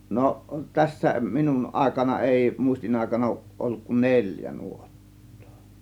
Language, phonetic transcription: Finnish, no , 'tässä , 'minun 'ˀàėkana 'èi , 'mùistin₍àėkana òŭˀ ˀolluk kun "neĺjä 'nuot̀tOO .
- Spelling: no tässä minun aikana ei muistinaikana ole ollut kuin neljä nuottaa

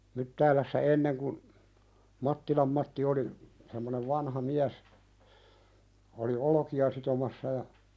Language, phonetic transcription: Finnish, Myttäälässä 'enneŋ kun , 'Mattilam Matti oli , semmonev 'vanha "miäs , oli "olᵒki₍a sitomassa ja ,.
- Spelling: Myttäälässä ennen kun Mattilan Matti oli semmoinen vanha mies oli olkia sitomassa ja

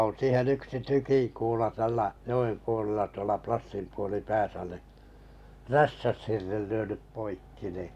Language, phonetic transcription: Finnish, oo̰ 'siihen 'yksi "tykiŋkuula 'tällä , 'jo₍em puolella tuola 'Plassimpuoli'pääsä ni , "rästäshirrel 'lyönyp 'poikki ni ,.
- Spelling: on siihen yksi tykinkuula tällä joen puolella tuolla Plassinpuolipäässä niin räystäshirren lyönyt poikki niin

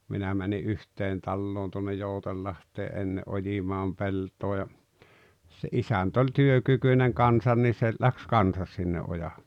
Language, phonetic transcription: Finnish, 'minä mäni "’yht̀een 'talloon tuonnej "Joutellaht̀ee’ '’enne "’ojimaam 'pelt̀oo ja , se "’isänt ‿oĺ "työkykyⁱneŋ 'kansan ni se , läks "kansas sinne '’oja[lle] .
- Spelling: minä menin yhteen taloon tuonne Joutsenlahteen ennen ojimaan peltoa ja se isäntä oli työkykyinen kanssa niin se lähti kanssa sinne ojalle

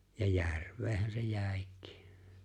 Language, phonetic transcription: Finnish, ja "järv̆veehän̬ se 'jä̀ekɪɪ .
- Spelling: ja järveenhän se jäikin

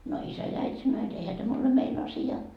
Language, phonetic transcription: Finnish, no 'isä ja äit́ sannoo jot » 'eihä täm ‿ole "mein asi₍a .
- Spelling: no isä ja äiti sanoo jotta eihän tämä ole meidän asia

